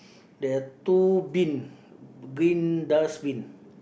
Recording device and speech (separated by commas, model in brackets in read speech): boundary microphone, conversation in the same room